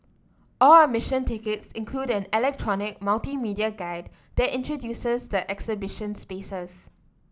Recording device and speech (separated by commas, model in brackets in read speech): standing microphone (AKG C214), read sentence